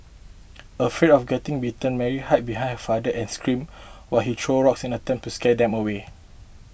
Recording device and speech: boundary microphone (BM630), read sentence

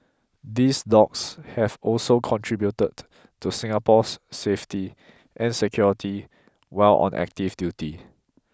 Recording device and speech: close-talking microphone (WH20), read sentence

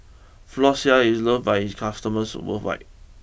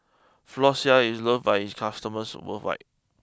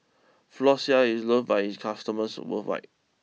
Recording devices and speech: boundary microphone (BM630), close-talking microphone (WH20), mobile phone (iPhone 6), read sentence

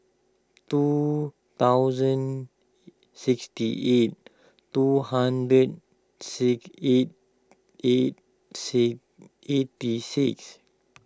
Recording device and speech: close-talking microphone (WH20), read sentence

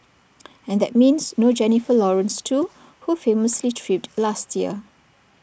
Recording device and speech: boundary microphone (BM630), read sentence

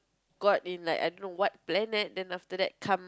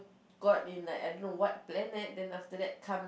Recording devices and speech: close-talking microphone, boundary microphone, conversation in the same room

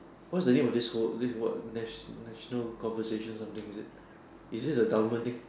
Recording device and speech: standing microphone, conversation in separate rooms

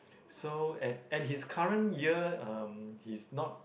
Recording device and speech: boundary microphone, conversation in the same room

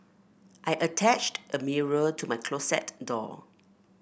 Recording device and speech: boundary microphone (BM630), read sentence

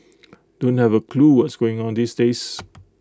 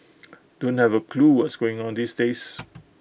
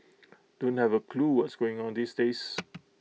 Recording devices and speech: close-talking microphone (WH20), boundary microphone (BM630), mobile phone (iPhone 6), read sentence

